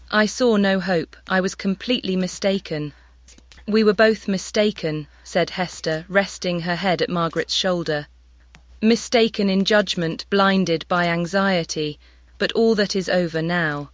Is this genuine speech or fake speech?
fake